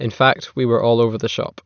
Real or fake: real